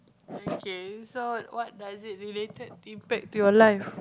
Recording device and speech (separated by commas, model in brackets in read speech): close-talking microphone, conversation in the same room